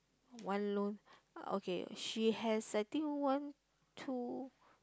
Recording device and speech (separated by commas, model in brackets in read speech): close-talking microphone, conversation in the same room